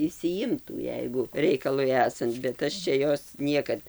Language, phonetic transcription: Lithuanian, išsiˈjimtų ˈjeigu ˈreikalui ˈesant bet ˈaš ˈčia ˈjos ˈniekad

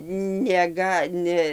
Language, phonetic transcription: Lithuanian, neˈga ˈne

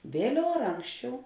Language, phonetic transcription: Lithuanian, ˈvėliau ar ˈanksčiau

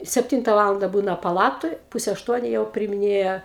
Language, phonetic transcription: Lithuanian, sepˈtynta ˈvalanda ˈbūna paˈlatoj ˈpuse ašˈtuoniu jau priimiˈnėja

